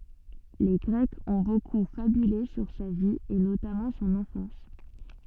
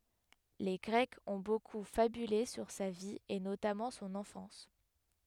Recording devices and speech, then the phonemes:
soft in-ear microphone, headset microphone, read sentence
le ɡʁɛkz ɔ̃ boku fabyle syʁ sa vi e notamɑ̃ sɔ̃n ɑ̃fɑ̃s

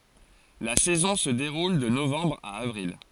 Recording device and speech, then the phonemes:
forehead accelerometer, read sentence
la sɛzɔ̃ sə deʁul də novɑ̃bʁ a avʁil

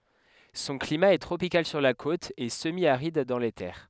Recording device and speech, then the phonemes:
headset microphone, read sentence
sɔ̃ klima ɛ tʁopikal syʁ la kot e səmjaʁid dɑ̃ le tɛʁ

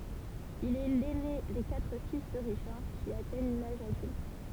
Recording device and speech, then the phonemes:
temple vibration pickup, read sentence
il ɛ lɛne de katʁ fis də ʁiʃaʁ ki atɛɲ laʒ adylt

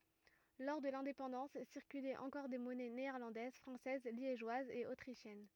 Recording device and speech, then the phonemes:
rigid in-ear microphone, read sentence
lɔʁ də lɛ̃depɑ̃dɑ̃s siʁkylɛt ɑ̃kɔʁ de mɔnɛ neɛʁlɑ̃dɛz fʁɑ̃sɛz ljeʒwazz e otʁiʃjɛn

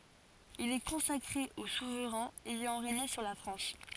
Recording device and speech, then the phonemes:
forehead accelerometer, read sentence
il ɛ kɔ̃sakʁe o suvʁɛ̃z ɛjɑ̃ ʁeɲe syʁ la fʁɑ̃s

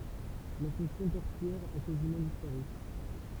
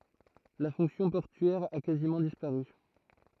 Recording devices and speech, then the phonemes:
temple vibration pickup, throat microphone, read sentence
la fɔ̃ksjɔ̃ pɔʁtyɛʁ a kazimɑ̃ dispaʁy

